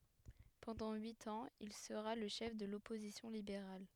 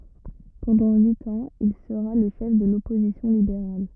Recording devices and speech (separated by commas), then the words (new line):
headset microphone, rigid in-ear microphone, read sentence
Pendant huit ans, il sera le chef de l'opposition libérale.